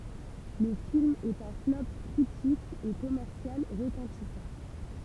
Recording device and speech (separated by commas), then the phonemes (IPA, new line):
temple vibration pickup, read sentence
lə film ɛt œ̃ flɔp kʁitik e kɔmɛʁsjal ʁətɑ̃tisɑ̃